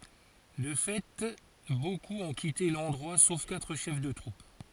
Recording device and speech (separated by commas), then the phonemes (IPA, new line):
forehead accelerometer, read sentence
də fɛ bokup ɔ̃ kite lɑ̃dʁwa sof katʁ ʃɛf də tʁup